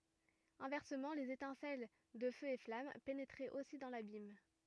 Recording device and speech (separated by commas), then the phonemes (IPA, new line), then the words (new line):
rigid in-ear microphone, read sentence
ɛ̃vɛʁsəmɑ̃ lez etɛ̃sɛl də føz e flam penetʁɛt osi dɑ̃ labim
Inversement les étincelles de feux et flammes pénétraient aussi dans l'abîme.